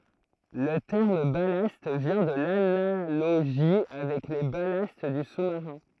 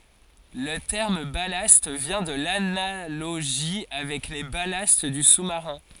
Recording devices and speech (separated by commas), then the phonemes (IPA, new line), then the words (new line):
throat microphone, forehead accelerometer, read sentence
lə tɛʁm balast vjɛ̃ də lanaloʒi avɛk le balast dy susmaʁɛ̃
Le terme ballast vient de l'analogie avec les ballasts du sous-marin.